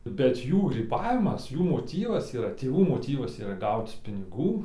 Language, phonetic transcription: Lithuanian, bet ˈjų gryˈbavimas ˈjų moˈtyvas yˈra tėˈvų moˈtyvas yˈra ˈgauc piniˈgų

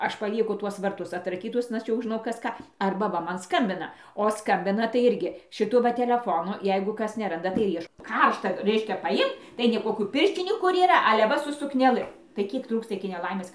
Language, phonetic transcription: Lithuanian, ˈaš paˈlieku ˈtuos varˈtus atraˈkytus ˈaš jau ˈžinau ˈkas ˈką ˈarba ˈva ˈman ˈskambina o ˈskambina tai ˈirgi šiˈtu ˈva teleˈfonu ˈjeigu ˈkas neˈranda tai ir ˈieš ˈkaršta ˈreiškia paˈimt tai nei ˈkokių ˈpirščinių ˈkur yˈra ale ˈva su sukneˈlɨ tai ˈkiek ˈtrūksta iki neˈlaimės

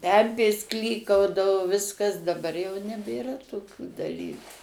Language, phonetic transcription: Lithuanian, ˈpempės ˈklykaudavo ˈviskas daˈbar jau nebėˈra toˈkių daˈlyku

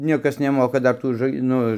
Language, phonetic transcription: Lithuanian, ˈniekas neˈmoka ˈdar ˈtų ža ˈnu

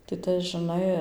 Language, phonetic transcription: Lithuanian, tai ˈtas žiˈnai

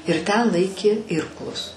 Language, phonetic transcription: Lithuanian, ir ˈten ˈlaikė ˈirklus

